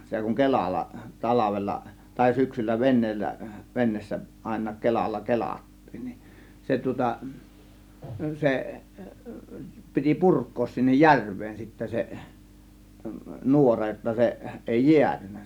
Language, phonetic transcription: Finnish, 'se kuŋ "kelalla , "talavella , tàė 'syksyllä 'ven̆neellä , 'ven̆neessä àėǹaak 'kelalla "kelat̀tiin nin , 'se tŭŏta , 'se , piti "purk̆koos sinnej "järv̆veen sittä se , "nuora jotta 'se , 'ˀèi "jiätynnä .
- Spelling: se kun kelalla talvella tai syksyllä veneellä veneessä ainakin kelalla kelattiin niin se tuota se piti purkaa sinne järveen sitten se nuora jotta se ei jäätynyt

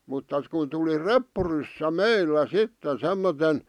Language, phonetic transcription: Finnish, mutta kun tuli "reppuryssä "meillä "sitten semmoten ,.
- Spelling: mutta kun tuli reppuryssä meillä sitten semmoisen

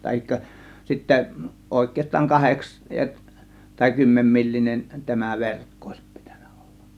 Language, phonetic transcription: Finnish, tahikka sittä , 'òėk̆keest̆taaŋ 'kaheks- , tai 'kymmemmillinen tämä "verkko òės 'pItÄNÄ OLLA .
- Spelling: tai sitten oikeastaan kahdeksan tai kymmenenmillinen tämä verkko olisi pitänyt olla

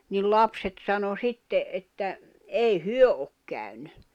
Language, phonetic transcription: Finnish, nii 'lapset sano 'sitte’ ’että , 'ei "hyö ok käyn̆ny .
- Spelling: niin lapset sanoi sitten että ei he ole käynyt

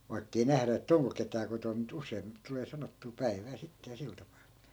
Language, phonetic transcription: Finnish, vaikkei 'nährä ettᵃ̈ "oŋko ketää 'kotom mu't ‿us̀ein , 'tulee sanottuu "päi̮vää 'sitte ja 'sil tapaa .
- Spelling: vaikka ei nähdä että onko ketään kotona mutta usein tulee sanottua päivää sitten ja sillä tapaa

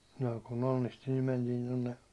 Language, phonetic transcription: Finnish, no ku'n ‿onnisti nim mentiin tonne ,.
- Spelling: no kun onnisti niin mentiin tuonne

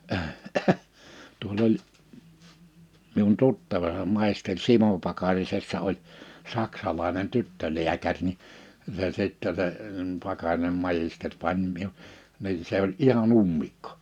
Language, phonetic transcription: Finnish, tuol ‿oĺ , miun 'tuttava (se) 'màisteŕ "Simo Pakarisessa oĺ , 'saksalaenen 'tyttöliäkäŕ ni , se sittɛ se , 'Pakarinem majister 'pań miu- , nii 'se ‿oĺ '’iha"n ‿ummikkᴏ .
- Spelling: tuolla oli minun tuttava se maisteri Simo Pakarisessa oli saksalainen tyttölääkäri niin se sitten se Pakarinen maisteri pani - niin se oli ihan ummikko

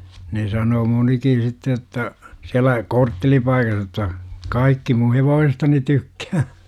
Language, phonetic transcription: Finnish, ne sanoo 'monikin̬ 'sitte jotta , 'siälä , "korttelipaikah jotta , "kaikki mun̬ 'hevoosestani 'tykkää .
- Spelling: ne sanoo monikin sitten jotta siellä korttelipaikassa jotta kaikki minun hevosestani tykkää

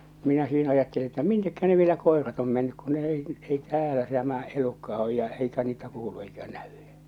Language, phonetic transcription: Finnish, 'minä sii'n ‿ajatteli että "mint̳ekkä ne vielä 'kòerat om mennyk kun ne 'ei , 'ei "täälä tämä 'elukka oj ja eikä niitä 'kuulu eikä 'näᴠʏ .
- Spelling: minä siinä ajattelin että miten ne vielä koirat on mennyt kun ne ei ei täällä tämä elukka on ja eikä niitä kuulu eikä näy

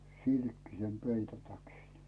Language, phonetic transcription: Finnish, 'silkkisen peito 'täkin .
- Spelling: silkkisen peiton täkin

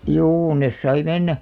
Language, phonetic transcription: Finnish, juu nes sai 'mennä .
- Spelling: juu ne sai mennä

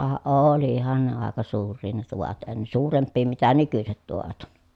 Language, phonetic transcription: Finnish, ka , olihan ne àeka suur̆rii ne tuvat en- suuremppii mitä nykyset tuvat ‿on .
- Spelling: ka olihan ne aika suuria ne tuvat - suurempia mitä nykyiset tuvat on

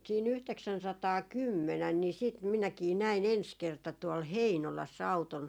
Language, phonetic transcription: Finnish, sii'n ‿yhteksänsataa"kymmenän ni siit 'minäkii 'näi"n ‿ens kerta tuol "Heinolas's ‿auton .
- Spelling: siinä yhdeksänsataakymmenen niin sitten minäkin näin ensi kerta tuolla Heinolassa auton

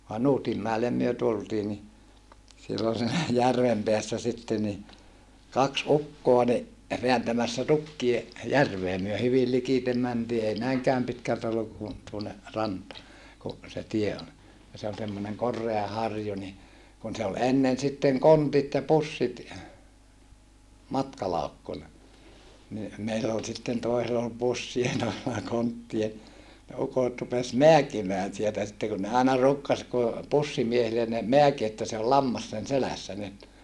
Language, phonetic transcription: Finnish, (vai) Nuutimmäelem myö tultii ni , sillon siinä järvem peässä sitte ni , kaks ukkoa ni , veäntämässä tukkie , järvee myö hyvil likitem mäntii ei näiŋkääm pitkältä olluk ku , tuonne , rantaa , ku , se tie on , ja se on semmoneŋ kor̆rea harju ni , kun se ol ennen sitteŋ kontit ja pussit , matkalaukkuna , ni , meill ‿ol sitten toisel ‿ol pussie toisella konttie , ne ukot rupes meäkimään sieltä sitte kun ne aina ruukkas ku , pussimiehilen ne , meäki että se ol lammas sen selässä nyt .
- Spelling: vai Nuutinmäelle me tultiin niin silloin siinä järven päässä sitten niin kaksi ukkoa niin vääntämässä tukkia järveen me hyvin likitse mentiin ei näinkään pitkältä ollut kuin tuonne rantaan kun se tie on ja se on semmoinen korea harju niin kun se oli ennen sitten kontit ja pussit matkalaukkuna niin meillä oli sitten toisella oli pussia toisella konttia ne ukot rupesi määkimään sieltä sitten kun ne aina ruukasi kun pussimiehille ne määki että se oli lammas sen selässä nyt

